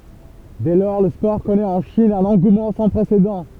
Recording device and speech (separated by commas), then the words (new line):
temple vibration pickup, read sentence
Dès lors le sport connaît en Chine un engouement sans précédent.